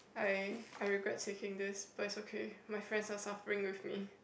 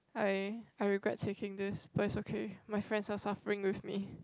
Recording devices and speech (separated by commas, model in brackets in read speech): boundary microphone, close-talking microphone, conversation in the same room